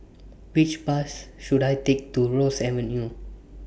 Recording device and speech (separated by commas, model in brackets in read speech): boundary microphone (BM630), read sentence